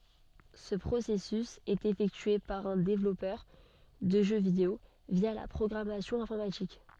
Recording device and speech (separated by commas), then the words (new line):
soft in-ear microphone, read sentence
Ce processus est effectué par un développeur de jeux vidéo via la programmation informatique.